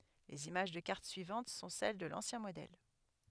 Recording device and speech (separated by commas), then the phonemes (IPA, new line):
headset microphone, read sentence
lez imaʒ də kaʁt syivɑ̃t sɔ̃ sɛl də lɑ̃sjɛ̃ modɛl